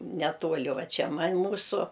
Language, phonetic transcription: Lithuanian, neˈtuoli ˈva ˈčia ˈman' ˈmūsu

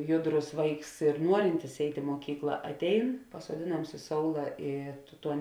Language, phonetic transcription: Lithuanian, ˈjuˌdrus ˈvaiks ir ˈnuorintis ˈeit' i muoˈkykla atˈein pasuoˈdėˌnams i ˈsoula ˈy ˈtuo

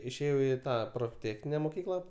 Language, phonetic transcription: Lithuanian, išėˈjau i ˈtą profˈtėchnine moˈkykla

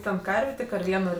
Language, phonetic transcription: Lithuanian, ˈten ˈkarvė tik ar ˈvieno

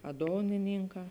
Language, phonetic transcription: Lithuanian, a ˈdonininˌkā

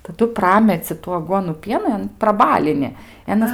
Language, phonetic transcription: Lithuanian, taˈdu ˈprameci tų aˈguonų ˈpienan praˈbalini i aˈnas

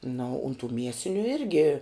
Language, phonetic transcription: Lithuanian, na o un tų ˈmiesiniu ˈirgi

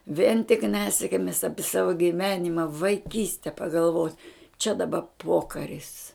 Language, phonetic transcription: Lithuanian, vien tik ˈnesikmis ˈapi ˈsavo giˈvenima vaiˈkyste pagalˈvot' čia daˈba ˈpokaris

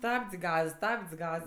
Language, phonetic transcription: Lithuanian, ˈstabdz' ˈgaz ˈstabdz' ˈgaz

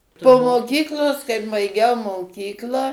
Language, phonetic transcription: Lithuanian, po moˈkyklos kaip baiˈgiau moˈkyklą

